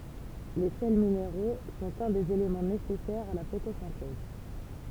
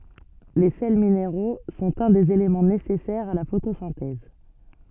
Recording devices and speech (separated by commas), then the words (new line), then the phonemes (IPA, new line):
temple vibration pickup, soft in-ear microphone, read sentence
Les sels minéraux sont un des éléments nécessaires à la photosynthèse.
le sɛl mineʁo sɔ̃t œ̃ dez elemɑ̃ nesɛsɛʁz a la fotosɛ̃tɛz